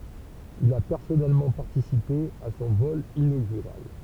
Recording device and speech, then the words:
temple vibration pickup, read sentence
Il a personnellement participé à son vol inaugural.

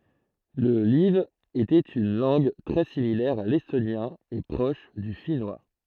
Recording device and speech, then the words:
throat microphone, read sentence
Le live était une langue très similaire à l'estonien et proche du finnois.

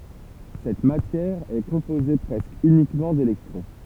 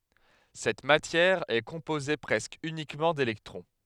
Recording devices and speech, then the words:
temple vibration pickup, headset microphone, read sentence
Cette matière est composée presque uniquement d’électrons.

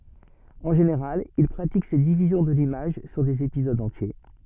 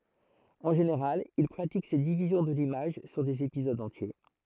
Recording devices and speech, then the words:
soft in-ear microphone, throat microphone, read sentence
En général, il pratique cette division de l'image sur des épisodes entiers.

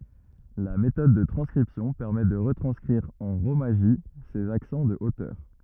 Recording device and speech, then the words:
rigid in-ear microphone, read sentence
La méthode de transcription permet de retranscrire en rōmaji ces accents de hauteur.

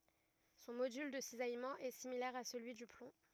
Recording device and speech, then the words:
rigid in-ear microphone, read sentence
Son module de cisaillement est similaire à celui du plomb.

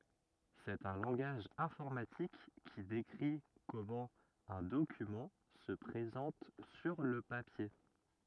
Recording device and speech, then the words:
rigid in-ear microphone, read sentence
C'est un langage informatique qui décrit comment un document se présente sur le papier.

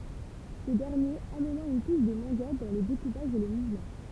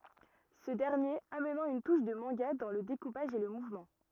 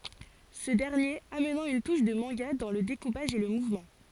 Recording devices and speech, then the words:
temple vibration pickup, rigid in-ear microphone, forehead accelerometer, read sentence
Ce dernier amenant une touche de manga dans le découpage et le mouvement.

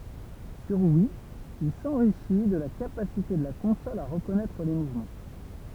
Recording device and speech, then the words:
temple vibration pickup, read sentence
Sur Wii, il s’enrichit de la capacité de la console à reconnaître les mouvements.

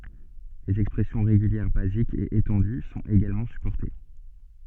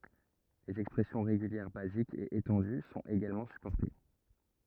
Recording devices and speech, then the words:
soft in-ear microphone, rigid in-ear microphone, read sentence
Les expressions régulières basiques et étendues sont également supportées.

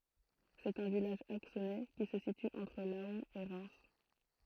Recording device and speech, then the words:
throat microphone, read sentence
C'est un village axonais qui se situe entre Laon et Reims.

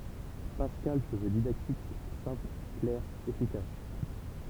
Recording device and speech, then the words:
temple vibration pickup, read sentence
Pascal se veut didactique, simple, clair, efficace.

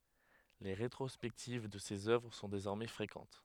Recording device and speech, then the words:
headset microphone, read sentence
Les rétrospectives de ses œuvres sont désormais fréquentes.

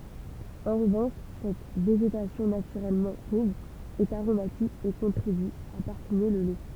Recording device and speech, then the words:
temple vibration pickup, read sentence
En revanche, cette végétation naturellement pauvre est aromatique et contribue à parfumer le lait.

